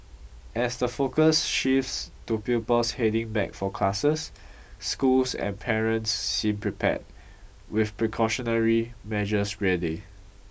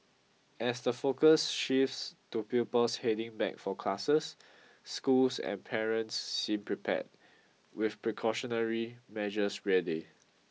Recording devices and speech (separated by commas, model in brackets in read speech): boundary microphone (BM630), mobile phone (iPhone 6), read sentence